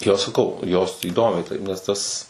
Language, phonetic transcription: Lithuanian, ˈjo saˈkau jos įˈdomiai ˈtaip nes ˈtas

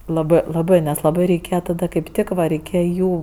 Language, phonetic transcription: Lithuanian, laˈbɜ laˈbɜ nes laˈbai reiˈkėja taˈda kaip ˈtik va reiˈkėja ˈjų

